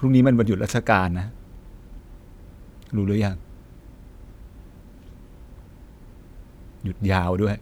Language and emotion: Thai, sad